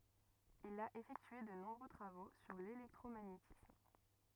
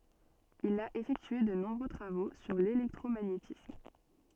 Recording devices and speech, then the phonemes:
rigid in-ear microphone, soft in-ear microphone, read sentence
il a efɛktye də nɔ̃bʁø tʁavo syʁ lelɛktʁomaɲetism

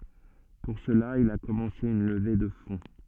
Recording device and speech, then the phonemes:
soft in-ear microphone, read sentence
puʁ səla il a kɔmɑ̃se yn ləve də fɔ̃

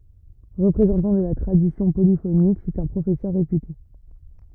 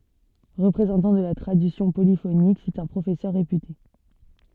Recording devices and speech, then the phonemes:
rigid in-ear microphone, soft in-ear microphone, read sentence
ʁəpʁezɑ̃tɑ̃ də la tʁadisjɔ̃ polifonik sɛt œ̃ pʁofɛsœʁ ʁepyte

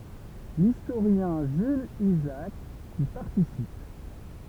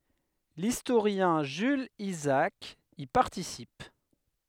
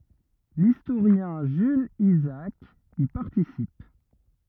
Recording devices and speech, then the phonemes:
temple vibration pickup, headset microphone, rigid in-ear microphone, read sentence
listoʁjɛ̃ ʒylz izaak i paʁtisip

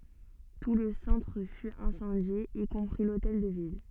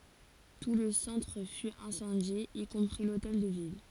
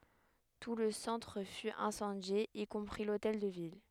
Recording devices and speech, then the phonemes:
soft in-ear microphone, forehead accelerometer, headset microphone, read sentence
tu lə sɑ̃tʁ fy ɛ̃sɑ̃dje i kɔ̃pʁi lotɛl də vil

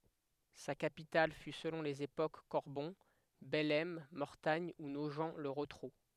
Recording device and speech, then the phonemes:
headset microphone, read sentence
sa kapital fy səlɔ̃ lez epok kɔʁbɔ̃ bɛlɛm mɔʁtaɲ u noʒ lə ʁotʁu

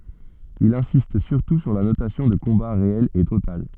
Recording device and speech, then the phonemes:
soft in-ear microphone, read sentence
il ɛ̃sist syʁtu syʁ la nosjɔ̃ də kɔ̃ba ʁeɛl e total

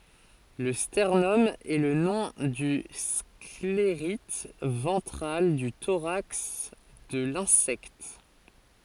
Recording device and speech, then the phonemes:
forehead accelerometer, read sentence
lə stɛʁnɔm ɛ lə nɔ̃ dy skleʁit vɑ̃tʁal dy toʁaks də lɛ̃sɛkt

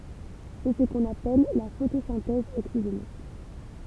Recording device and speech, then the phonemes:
temple vibration pickup, read sentence
sɛ sə kɔ̃n apɛl la fotosɛ̃tɛz oksiʒenik

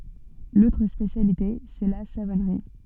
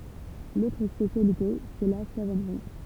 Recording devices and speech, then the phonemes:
soft in-ear microphone, temple vibration pickup, read sentence
lotʁ spesjalite sɛ la savɔnʁi

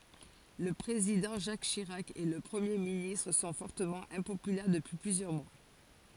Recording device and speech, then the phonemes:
forehead accelerometer, read sentence
lə pʁezidɑ̃ ʒak ʃiʁak e lə pʁəmje ministʁ sɔ̃ fɔʁtəmɑ̃ ɛ̃popylɛʁ dəpyi plyzjœʁ mwa

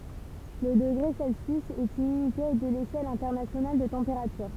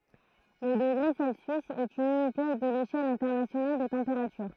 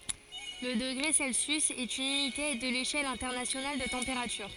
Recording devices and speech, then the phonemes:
temple vibration pickup, throat microphone, forehead accelerometer, read sentence
lə dəɡʁe sɛlsjys ɛt yn ynite də leʃɛl ɛ̃tɛʁnasjonal də tɑ̃peʁatyʁ

